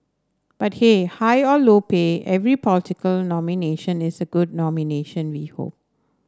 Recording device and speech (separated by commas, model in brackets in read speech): standing microphone (AKG C214), read sentence